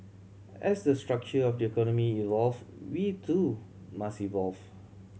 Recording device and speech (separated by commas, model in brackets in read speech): mobile phone (Samsung C7100), read sentence